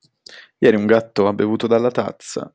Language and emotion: Italian, neutral